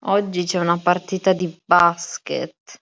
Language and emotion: Italian, disgusted